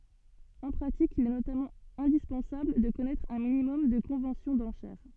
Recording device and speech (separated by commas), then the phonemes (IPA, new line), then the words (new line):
soft in-ear microphone, read sentence
ɑ̃ pʁatik il ɛ notamɑ̃ ɛ̃dispɑ̃sabl də kɔnɛtʁ œ̃ minimɔm də kɔ̃vɑ̃sjɔ̃ dɑ̃ʃɛʁ
En pratique, il est notamment indispensable de connaître un minimum de conventions d'enchères.